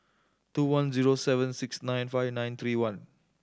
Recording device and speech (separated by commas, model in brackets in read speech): standing microphone (AKG C214), read sentence